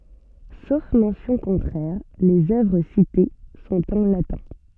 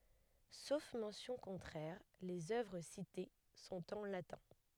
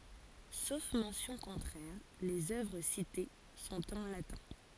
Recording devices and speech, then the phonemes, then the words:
soft in-ear microphone, headset microphone, forehead accelerometer, read sentence
sof mɑ̃sjɔ̃ kɔ̃tʁɛʁ lez œvʁ site sɔ̃t ɑ̃ latɛ̃
Sauf mention contraire, les œuvres citées sont en latin.

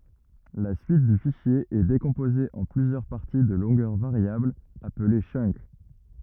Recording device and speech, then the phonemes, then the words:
rigid in-ear microphone, read sentence
la syit dy fiʃje ɛ dekɔ̃poze ɑ̃ plyzjœʁ paʁti də lɔ̃ɡœʁ vaʁjablz aple tʃœnk
La suite du fichier est décomposée en plusieurs parties de longueurs variables, appelées chunk.

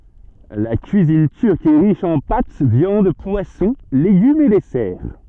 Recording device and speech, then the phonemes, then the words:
soft in-ear microphone, read sentence
la kyizin tyʁk ɛ ʁiʃ ɑ̃ pat vjɑ̃d pwasɔ̃ leɡymz e dɛsɛʁ
La cuisine turque est riche en pâtes, viandes, poissons, légumes et desserts.

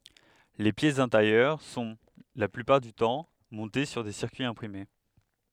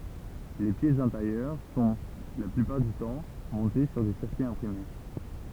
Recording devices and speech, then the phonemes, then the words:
headset microphone, temple vibration pickup, read sentence
le pjɛsz ɛ̃teʁjœʁ sɔ̃ la plypaʁ dy tɑ̃ mɔ̃te syʁ de siʁkyiz ɛ̃pʁime
Les pièces intérieures sont, la plupart du temps, montées sur des circuits imprimés.

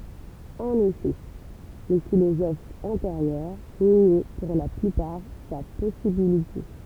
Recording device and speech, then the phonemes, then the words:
temple vibration pickup, read sentence
ɑ̃n efɛ le filozofz ɑ̃teʁjœʁ njɛ puʁ la plypaʁ sa pɔsibilite
En effet, les philosophes antérieurs niaient pour la plupart sa possibilité.

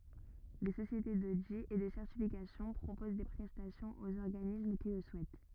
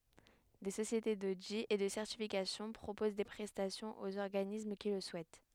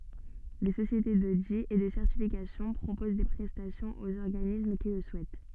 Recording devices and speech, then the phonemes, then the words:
rigid in-ear microphone, headset microphone, soft in-ear microphone, read sentence
de sosjete dodi e də sɛʁtifikasjɔ̃ pʁopoz de pʁɛstasjɔ̃z oz ɔʁɡanism ki lə suɛt
Des sociétés d'audit et de certification proposent des prestations aux organismes qui le souhaitent.

